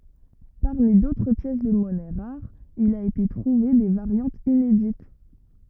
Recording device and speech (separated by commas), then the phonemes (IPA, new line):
rigid in-ear microphone, read sentence
paʁmi dotʁ pjɛs də mɔnɛ ʁaʁz il a ete tʁuve de vaʁjɑ̃tz inedit